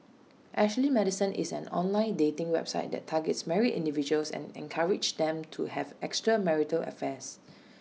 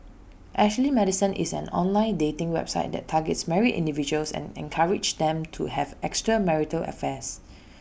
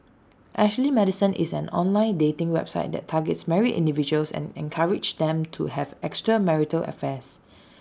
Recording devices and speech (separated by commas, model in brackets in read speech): mobile phone (iPhone 6), boundary microphone (BM630), standing microphone (AKG C214), read sentence